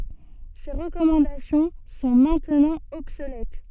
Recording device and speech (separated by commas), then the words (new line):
soft in-ear microphone, read sentence
Ces recommandations sont maintenant obsolètes.